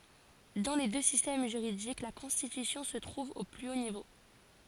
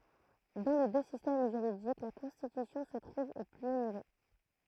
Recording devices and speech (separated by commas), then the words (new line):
forehead accelerometer, throat microphone, read sentence
Dans les deux systèmes juridiques, la Constitution se trouve au plus haut niveau.